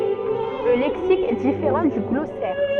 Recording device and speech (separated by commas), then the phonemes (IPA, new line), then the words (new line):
soft in-ear microphone, read sentence
lə lɛksik ɛ difeʁɑ̃ dy ɡlɔsɛʁ
Le lexique est différent du glossaire.